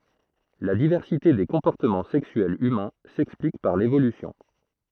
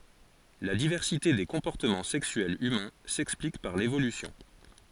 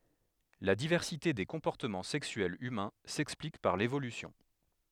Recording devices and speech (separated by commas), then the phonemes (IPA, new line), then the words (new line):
throat microphone, forehead accelerometer, headset microphone, read sentence
la divɛʁsite de kɔ̃pɔʁtəmɑ̃ sɛksyɛlz ymɛ̃ sɛksplik paʁ levolysjɔ̃
La diversité des comportements sexuels humains s'explique par l'évolution.